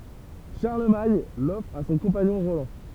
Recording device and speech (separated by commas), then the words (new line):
temple vibration pickup, read sentence
Charlemagne l'offre à son compagnon Roland.